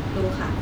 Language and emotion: Thai, neutral